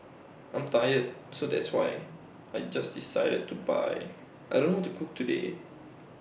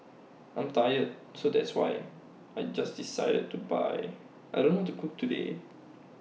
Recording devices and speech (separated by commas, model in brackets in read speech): boundary microphone (BM630), mobile phone (iPhone 6), read sentence